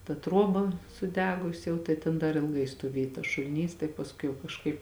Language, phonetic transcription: Lithuanian, ta ˈtruoba suˈdegusi jau tai ˈtėn dar ilˈgai stoˈvėj tas šuliˈnys tai pasˈkui jau kažˈkaip

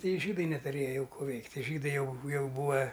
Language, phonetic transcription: Lithuanian, ˈtai i žydai netuˈrėja ˈjau ˈkų ˈveikt' tie ˈžydai ˈjau ˈjau ˈbūa

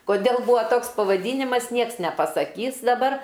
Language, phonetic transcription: Lithuanian, koˈdėl ˈbūva ˈtoks pavaˈdynimas ˈnieks nepasaˈkys daˈbar

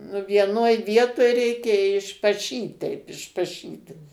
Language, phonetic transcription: Lithuanian, nu vieˈnoj ˈvietoj ˈreikia išpaˈšyt teip išpaˈšyt'

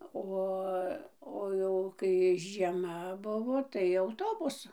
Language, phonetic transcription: Lithuanian, ˈo o ˈjau kai žieˈma ˈbuvo tai auˈtobusu

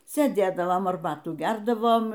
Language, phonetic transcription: Lithuanian, sėˈdėdavom arˈbatų ˈgerdavom

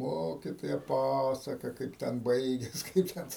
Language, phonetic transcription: Lithuanian, ˈmokitoja ˈpasaka ˈkaip ten ˈbaigias ˈkaip ten

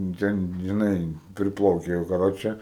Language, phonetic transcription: Lithuanian, ˈten žiˈnai priˈplauke jau kaˈroče

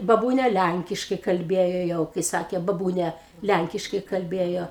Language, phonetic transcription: Lithuanian, baˈbūnia ˈlænkiškai kalˈbėjo ˈjau kai ˈsakė baˈbūnia ˈlænkiškai kalˈbėjo

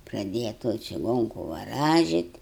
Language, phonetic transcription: Lithuanian, praˈdėja toj čiˈgonku vaˈražit

